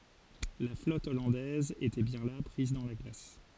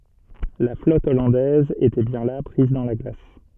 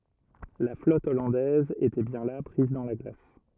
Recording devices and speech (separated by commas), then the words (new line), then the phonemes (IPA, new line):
forehead accelerometer, soft in-ear microphone, rigid in-ear microphone, read sentence
La flotte hollandaise était bien là, prise dans la glace.
la flɔt ɔlɑ̃dɛz etɛ bjɛ̃ la pʁiz dɑ̃ la ɡlas